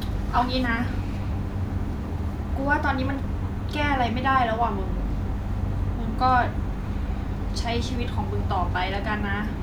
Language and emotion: Thai, frustrated